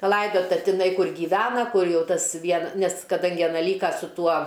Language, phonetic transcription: Lithuanian, paˈlaidota tiˈnai ˈkur gyˈvena ˈkur ˈjau ˈtas ˈvien ˈnes kaˈdangi aˈna ˈlyka su ˈtuo

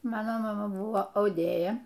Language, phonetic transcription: Lithuanian, ˈmano maˈma ˈbuvo auˈdėja

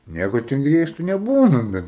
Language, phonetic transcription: Lithuanian, ˈnieko ten ˈgriežtu neˈbūna ˈbet

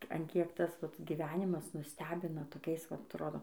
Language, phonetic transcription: Lithuanian, an ˈkiek ˈtas vat gyˈvenimas nuˈstebina toˈkiais vat atˈrodo

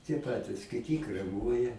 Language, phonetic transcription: Lithuanian, tie ˈpatis kiˈti kreˈmuoja

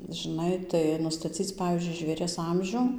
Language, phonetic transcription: Lithuanian, žiˈnai tai nustaˈcyc ˈpavyzdžiui žvėˈries ˈamžiu

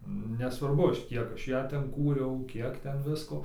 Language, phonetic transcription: Lithuanian, nesvarˈbu ˈaš ˈkiek ˈaš ˈją ˈten ˈkūriau ˈkiek ˈten ˈvisko

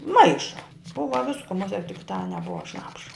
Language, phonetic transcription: Lithuanian, ˈmaiša ˈbuva ˈvisku muˈsie tik tą neˈbua ˈšnapša

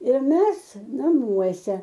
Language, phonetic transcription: Lithuanian, ir ˈmes naˈmuose

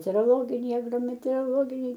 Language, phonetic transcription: Lithuanian, meteoroˈloginiai agrometeoroˈloginiai

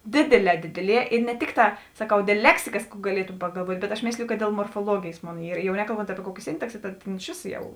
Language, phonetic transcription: Lithuanian, ˈdėdėˌlē ˈdėdėˌlie i ne ˈtikˌtā saˈkau ˈdėl ˈleksikas kų gaˈlietu pagalˈvuot' bet aš ˈmėsliju kad dėl morfoˈluogėjės ˈmon ˈyr jau nekalˈbont ˈapie ˈkuokė ˈsintaksė tad ˈtėn iš ˈvėso ˈjau

